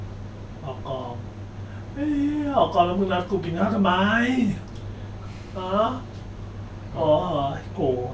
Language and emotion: Thai, frustrated